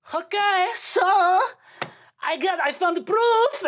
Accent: Polish accent